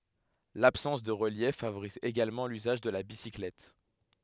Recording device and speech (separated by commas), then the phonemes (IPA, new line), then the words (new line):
headset microphone, read sentence
labsɑ̃s də ʁəljɛf favoʁiz eɡalmɑ̃ lyzaʒ də la bisiklɛt
L'absence de relief favorise également l'usage de la bicyclette.